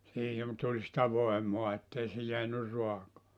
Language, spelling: Finnish, siihen tuli sitä voimaa että ei se jäänyt raakaa
- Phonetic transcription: siihiv tuĺ sⁱtä 'voemoa ettei se 'jeänyr 'rua(kaa) .

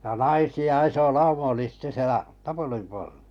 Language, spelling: Finnish, ja naisia iso lauma oli sitten siellä tapulin portailla
- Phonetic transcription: ja "naisi₍a 'iso "laumᵃ oli sⁱtte sielä , 'tapulim por[tailla] .

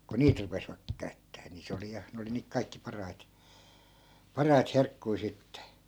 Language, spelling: Finnish, kun niitä rupesivat käyttämään niin se oli ja ne oli niitä kaikkein parhaita parhaita herkkuja sitten
- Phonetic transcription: ku "niit 'rupesvak käy̬ttää ni 'se oli 'ja , 'ne oli niik 'kaikki 'parait , "parait 'herkkui̮ 'sitte .

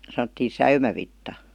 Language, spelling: Finnish, sanottiin säynävitsa
- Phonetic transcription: san°ttii "säymävitta .

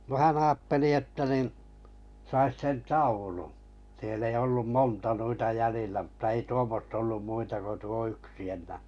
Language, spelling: Finnish, no hän ajatteli että niin saisi sen taulun siellä ei ollut monta noita jäljillä mutta ei tuommoista ollut muita kuin tuo yksi enää
- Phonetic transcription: no 'hä'n ‿aatteli että nin , sais 'sen "taulu , siell ‿ei ollum "monta nuita 'jälillä m̥ta ei 'tuommosta ollum 'muita ko tuo 'yksi 'en̆nää̀ .

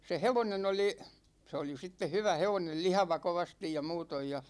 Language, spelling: Finnish, se hevonen oli se oli sitten hyvä hevonen lihava kovasti ja muuten ja
- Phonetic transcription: se "hevonen ‿oli , se oli sitte "hyvä 'hevonel "lihava 'kovastij ja 'muutoj ja .

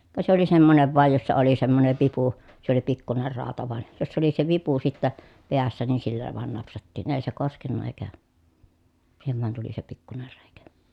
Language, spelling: Finnish, ka se oli semmoinen vain jossa oli semmoinen vipu se oli pikkuinen rauta vain jossa oli se vipu sitten päässä niin sillä vain napsattiin ei se koskenut eikä siihen vain tuli se pikkuinen reikä
- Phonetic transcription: ka se ‿oli semmonev vàej jossa oli semmonev vipu , se ‿oli pikkuner ràota vàen , jossa oli se vipu sittä , peässä niin sillä vàen napsattiin èi̮ se koskenna èi̮kä , siihev van tuli se pikkuner rèikä .

